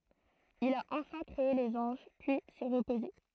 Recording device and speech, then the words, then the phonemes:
throat microphone, read sentence
Il a enfin créé les anges, puis s'est reposé.
il a ɑ̃fɛ̃ kʁee lez ɑ̃ʒ pyi sɛ ʁəpoze

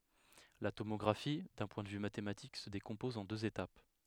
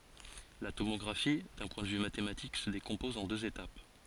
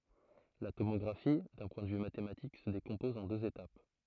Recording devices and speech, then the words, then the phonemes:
headset microphone, forehead accelerometer, throat microphone, read sentence
La tomographie, d’un point de vue mathématique, se décompose en deux étapes.
la tomɔɡʁafi dœ̃ pwɛ̃ də vy matematik sə dekɔ̃pɔz ɑ̃ døz etap

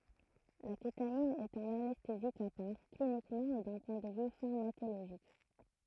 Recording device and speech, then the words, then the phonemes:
throat microphone, read sentence
La kétamine est un anesthésique à part, cliniquement et d'un point de vue pharmacologique.
la ketamin ɛt œ̃n anɛstezik a paʁ klinikmɑ̃ e dœ̃ pwɛ̃ də vy faʁmakoloʒik

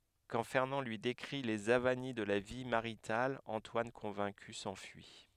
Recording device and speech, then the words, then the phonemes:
headset microphone, read sentence
Quand Fernand lui décrit les avanies de la vie maritale, Antoine convaincu s'enfuit.
kɑ̃ fɛʁnɑ̃ lyi dekʁi lez avani də la vi maʁital ɑ̃twan kɔ̃vɛ̃ky sɑ̃fyi

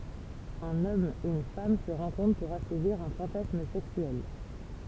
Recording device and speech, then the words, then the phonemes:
temple vibration pickup, read sentence
Un homme, une femme se rencontrent pour assouvir un fantasme sexuel.
œ̃n ɔm yn fam sə ʁɑ̃kɔ̃tʁ puʁ asuviʁ œ̃ fɑ̃tasm sɛksyɛl

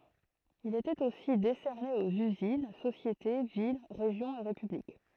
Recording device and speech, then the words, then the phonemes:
throat microphone, read sentence
Il était aussi décerné aux usines, sociétés, villes, régions et républiques.
il etɛt osi desɛʁne oz yzin sosjete vil ʁeʒjɔ̃z e ʁepyblik

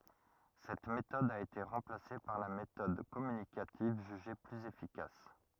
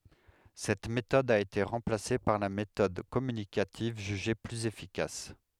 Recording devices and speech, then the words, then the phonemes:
rigid in-ear microphone, headset microphone, read sentence
Cette méthode a été remplacée par la méthode communicative jugée plus efficace.
sɛt metɔd a ete ʁɑ̃plase paʁ la metɔd kɔmynikativ ʒyʒe plyz efikas

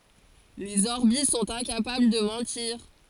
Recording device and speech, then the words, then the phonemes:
forehead accelerometer, read sentence
Les Orbies sont incapables de mentir.
lez ɔʁbi sɔ̃t ɛ̃kapabl də mɑ̃tiʁ

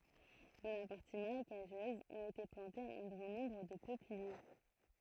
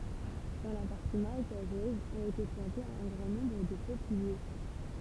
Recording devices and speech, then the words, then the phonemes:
throat microphone, temple vibration pickup, read sentence
Dans la partie marécageuse ont été plantées un grand nombre de peupliers.
dɑ̃ la paʁti maʁekaʒøz ɔ̃t ete plɑ̃tez œ̃ ɡʁɑ̃ nɔ̃bʁ də pøplie

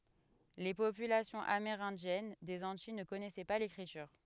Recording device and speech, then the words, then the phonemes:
headset microphone, read sentence
Les populations amérindiennes des Antilles ne connaissaient pas l'écriture.
le popylasjɔ̃z ameʁɛ̃djɛn dez ɑ̃tij nə kɔnɛsɛ pa lekʁityʁ

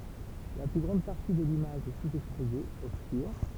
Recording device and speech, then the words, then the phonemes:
temple vibration pickup, read sentence
La plus grande partie de l'image est sous-exposée, obscure.
la ply ɡʁɑ̃d paʁti də limaʒ ɛ suzɛkspoze ɔbskyʁ

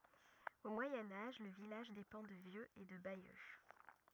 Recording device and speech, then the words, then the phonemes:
rigid in-ear microphone, read sentence
Au Moyen Âge, le village dépend de Vieux et de Bayeux.
o mwajɛ̃ aʒ lə vilaʒ depɑ̃ də vjøz e də bajø

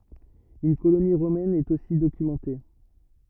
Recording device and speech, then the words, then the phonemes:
rigid in-ear microphone, read sentence
Une colonie romaine est aussi documentée.
yn koloni ʁomɛn ɛt osi dokymɑ̃te

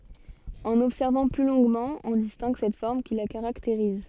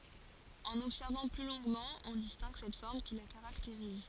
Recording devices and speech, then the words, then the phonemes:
soft in-ear microphone, forehead accelerometer, read sentence
En observant plus longuement, on distingue cette forme qui la caractérise.
ɑ̃n ɔbsɛʁvɑ̃ ply lɔ̃ɡmɑ̃ ɔ̃ distɛ̃ɡ sɛt fɔʁm ki la kaʁakteʁiz

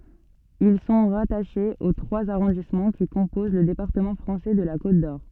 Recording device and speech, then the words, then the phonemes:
soft in-ear microphone, read sentence
Ils sont rattachés aux trois arrondissements qui composent le département français de la Côte-d'Or.
il sɔ̃ ʁataʃez o tʁwaz aʁɔ̃dismɑ̃ ki kɔ̃poz lə depaʁtəmɑ̃ fʁɑ̃sɛ də la kot dɔʁ

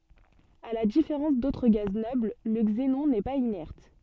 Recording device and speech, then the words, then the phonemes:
soft in-ear microphone, read sentence
À la différence d'autres gaz nobles, le xénon n'est pas inerte.
a la difeʁɑ̃s dotʁ ɡaz nɔbl lə ɡzenɔ̃ nɛ paz inɛʁt

